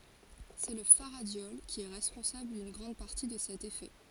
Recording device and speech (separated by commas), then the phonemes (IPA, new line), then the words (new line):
forehead accelerometer, read sentence
sɛ lə faʁadjɔl ki ɛ ʁɛspɔ̃sabl dyn ɡʁɑ̃d paʁti də sɛt efɛ
C'est le faradiol qui est responsable d'une grande partie de cet effet.